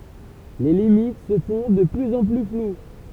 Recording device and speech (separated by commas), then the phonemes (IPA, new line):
temple vibration pickup, read sentence
le limit sə fɔ̃ də plyz ɑ̃ ply flw